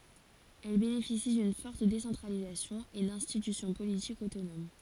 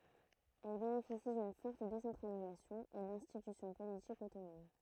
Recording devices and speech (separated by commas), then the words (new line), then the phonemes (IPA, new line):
forehead accelerometer, throat microphone, read sentence
Elles bénéficient d'une forte décentralisation et d'institutions politiques autonomes.
ɛl benefisi dyn fɔʁt desɑ̃tʁalizasjɔ̃ e dɛ̃stitysjɔ̃ politikz otonom